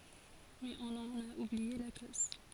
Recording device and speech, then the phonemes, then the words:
forehead accelerometer, read sentence
mɛz ɔ̃n ɑ̃n a ublie la koz
Mais on en a oublié la cause.

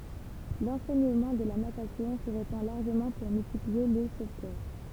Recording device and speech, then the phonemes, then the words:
temple vibration pickup, read sentence
lɑ̃sɛɲəmɑ̃ də la natasjɔ̃ sə ʁepɑ̃ laʁʒəmɑ̃ puʁ myltiplie le sovtœʁ
L'enseignement de la natation se répand largement pour multiplier les sauveteurs.

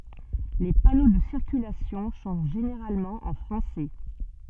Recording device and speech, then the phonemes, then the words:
soft in-ear microphone, read sentence
le pano də siʁkylasjɔ̃ sɔ̃ ʒeneʁalmɑ̃ ɑ̃ fʁɑ̃sɛ
Les panneaux de circulation sont généralement en français.

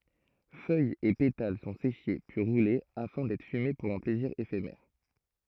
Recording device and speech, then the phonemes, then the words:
throat microphone, read sentence
fœjz e petal sɔ̃ seʃe pyi ʁule afɛ̃ dɛtʁ fyme puʁ œ̃ plɛziʁ efemɛʁ
Feuilles et pétales sont séchés puis roulés afin d'être fumés pour un plaisir éphémère.

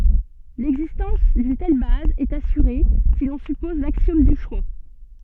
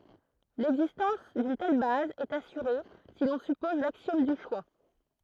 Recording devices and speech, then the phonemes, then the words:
soft in-ear microphone, throat microphone, read sentence
lɛɡzistɑ̃s dyn tɛl baz ɛt asyʁe si lɔ̃ sypɔz laksjɔm dy ʃwa
L'existence d'une telle base est assurée si l'on suppose l'axiome du choix.

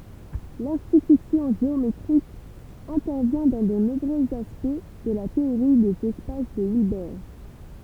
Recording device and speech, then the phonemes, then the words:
temple vibration pickup, read sentence
lɛ̃tyisjɔ̃ ʒeometʁik ɛ̃tɛʁvjɛ̃ dɑ̃ də nɔ̃bʁøz aspɛkt də la teoʁi dez ɛspas də ilbɛʁ
L'intuition géométrique intervient dans de nombreux aspects de la théorie des espaces de Hilbert.

